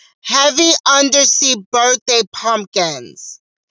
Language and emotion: English, neutral